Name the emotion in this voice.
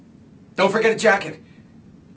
fearful